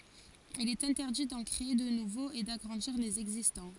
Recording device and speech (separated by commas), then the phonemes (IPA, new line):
forehead accelerometer, read sentence
il ɛt ɛ̃tɛʁdi dɑ̃ kʁee də nuvoz e daɡʁɑ̃diʁ lez ɛɡzistɑ̃